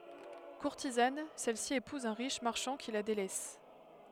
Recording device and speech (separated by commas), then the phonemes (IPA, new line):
headset microphone, read sentence
kuʁtizan sɛlsi epuz œ̃ ʁiʃ maʁʃɑ̃ ki la delɛs